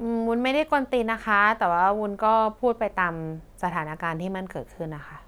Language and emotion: Thai, neutral